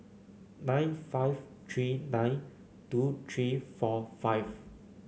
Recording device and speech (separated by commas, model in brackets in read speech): mobile phone (Samsung C9), read sentence